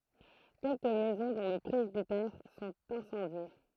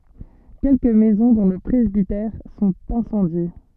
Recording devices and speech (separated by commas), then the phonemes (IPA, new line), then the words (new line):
throat microphone, soft in-ear microphone, read sentence
kɛlkə mɛzɔ̃ dɔ̃ lə pʁɛzbitɛʁ sɔ̃t ɛ̃sɑ̃dje
Quelques maisons, dont le presbytère, sont incendiées.